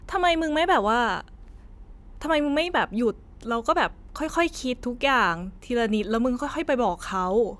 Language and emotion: Thai, frustrated